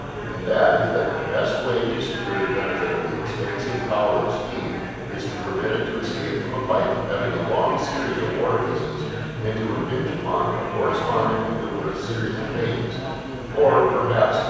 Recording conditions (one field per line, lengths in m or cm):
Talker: one person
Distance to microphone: 7.1 m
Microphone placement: far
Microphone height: 1.7 m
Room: very reverberant, large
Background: babble